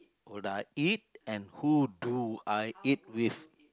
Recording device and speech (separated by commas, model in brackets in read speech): close-talking microphone, conversation in the same room